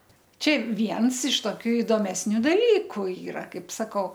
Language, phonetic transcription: Lithuanian, ˈčia ˈviens iš toˈkių idomesˈnių daˈlyku ˈyra ˈkaip saˈkau

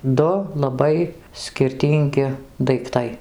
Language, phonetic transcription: Lithuanian, ˈdu laˈbai skirˈtyngi daikˈtai

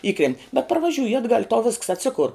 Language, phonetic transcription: Lithuanian, ˈįkrent' bet parvaˈžiūji atˈgal' i tau visks atˈsikur

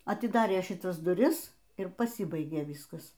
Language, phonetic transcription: Lithuanian, atiˈdarė šiˈtas duˈris ir paˈsybaigė ˈvyskas

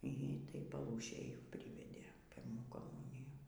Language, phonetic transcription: Lithuanian, y ˈtaj paˈlūšėj ˈpryvedė ˈpirmų koˈmunijų

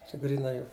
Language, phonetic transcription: Lithuanian, čia gryˈnai ˈjau

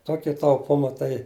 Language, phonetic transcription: Lithuanian, ˈtokia tauˈpuma tai

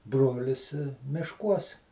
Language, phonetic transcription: Lithuanian, ˈbrolis mišˈkuos

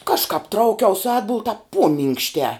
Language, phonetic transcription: Lithuanian, ˈkažkāp ˈtraukiaus ˈatbul tāp ˈpuominkštē

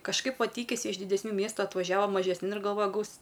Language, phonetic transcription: Lithuanian, kažˈkaip ˈva ˈtykisi iš didesˈnių ˈmiestu atvažiaˈva mažesˈnin ir galˈvoja ˈgaus

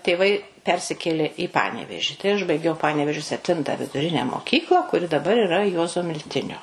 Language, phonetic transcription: Lithuanian, tėˈvai ˈpersikėlė į ˈpaneveži ˈužbaigiau ˈpanevėžio sepˈtinta viduˈrine moˈkykla kuˈri daˈbar iˈra ˈjuozo milˈtinio

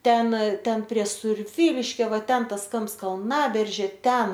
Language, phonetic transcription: Lithuanian, ˈten ˈten prie surˈvyliškio ˈva ˈten ˈtas ˈkamps kalˈnaberžė ˈten

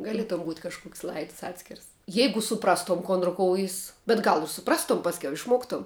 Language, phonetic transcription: Lithuanian, gaˈlietom būt' kažˈkuks' ˈlaids ˈatskirs ˈjeigu suˈprastom ˈkon ruˈkoujis bet ˈgal ir suˈprastom ˈpaskiau išˈmoktom

